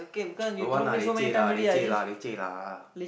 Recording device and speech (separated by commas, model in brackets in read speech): boundary microphone, conversation in the same room